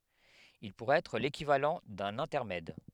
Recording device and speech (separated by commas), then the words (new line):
headset microphone, read sentence
Il pourrait être l'équivalent d’un intermède.